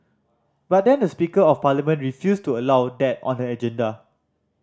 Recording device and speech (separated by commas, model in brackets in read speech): standing microphone (AKG C214), read sentence